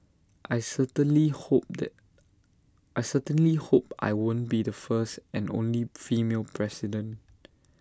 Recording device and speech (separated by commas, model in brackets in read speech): standing microphone (AKG C214), read sentence